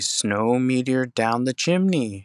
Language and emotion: English, disgusted